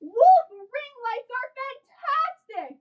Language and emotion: English, happy